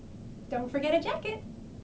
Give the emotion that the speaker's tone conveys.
happy